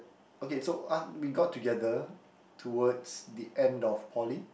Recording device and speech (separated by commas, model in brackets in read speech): boundary microphone, conversation in the same room